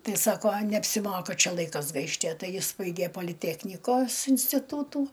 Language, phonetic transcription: Lithuanian, ˈtai ˈsako neapsiˈmoka ˈčia ˈlaikas ˈgaišt' a ˈtai ˈjis ˈbaigė poliˈteknikos instiˈtūtų

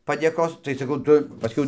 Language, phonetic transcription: Lithuanian, padėˈkos tai saˈkau ˈtu paˈskiau

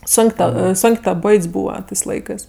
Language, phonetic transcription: Lithuanian, ˈsonk' ˈta ˈsonk' ta ˈboit's' ˈbūva ˈtɜs ˈlaikɜs

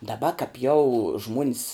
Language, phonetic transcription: Lithuanian, daˈba kap jau ˈžmuon's

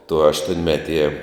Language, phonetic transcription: Lithuanian, tu aštuonˈmeˌtie

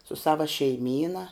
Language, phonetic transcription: Lithuanian, su ˈsava šeiˈmyna

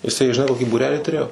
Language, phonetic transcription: Lithuanian, jiˈsai žiˈnai koˈkį būˈrelį tuˈrėjo

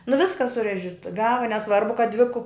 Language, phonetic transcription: Lithuanian, nu ˈviska suˈrežit ˈgava neˈsvarbu kad dvi ku

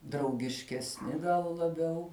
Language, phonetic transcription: Lithuanian, draugiškesˈni gal laˈbiau

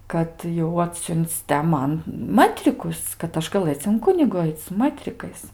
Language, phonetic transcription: Lithuanian, kad jau ˈatsiun'c' te ˈman ˈmətrikus kad ˈaš gaˈlɘc in ˈkunigu ˈaic su ˈmətrikais

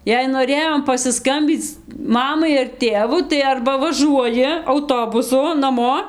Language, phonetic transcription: Lithuanian, jei noˈrėjom pasiˈskambyc ˈmamai ar ˈtėvu tai ˈarba vaˈžuoji auˈtobusu naˈmo

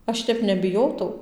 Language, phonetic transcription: Lithuanian, ˈaš tep nebiˈjotau

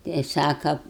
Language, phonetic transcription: Lithuanian, ˈtai ˈsaka

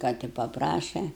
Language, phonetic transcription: Lithuanian, ˈką ti paˈpraše

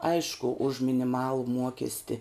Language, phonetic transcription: Lithuanian, ˈaišku už miniˈmalu ˈmuokesti

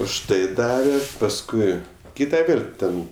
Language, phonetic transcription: Lithuanian, už ˈtai ˈdave pasˈkui ˈkyta ˈvėl' ˈten

